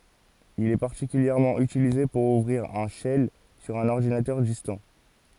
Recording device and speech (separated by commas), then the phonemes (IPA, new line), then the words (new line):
forehead accelerometer, read sentence
il ɛ paʁtikyljɛʁmɑ̃ ytilize puʁ uvʁiʁ œ̃ ʃɛl syʁ œ̃n ɔʁdinatœʁ distɑ̃
Il est particulièrement utilisé pour ouvrir un shell sur un ordinateur distant.